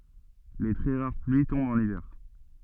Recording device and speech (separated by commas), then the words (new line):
soft in-ear microphone, read sentence
Les très rares pluies tombent en hiver.